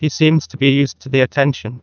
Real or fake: fake